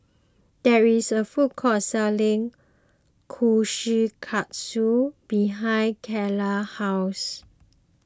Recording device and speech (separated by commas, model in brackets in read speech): close-talking microphone (WH20), read sentence